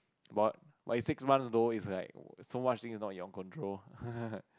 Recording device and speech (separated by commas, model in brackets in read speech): close-talking microphone, conversation in the same room